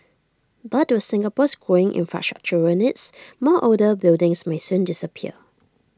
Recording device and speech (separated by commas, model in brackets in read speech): standing microphone (AKG C214), read sentence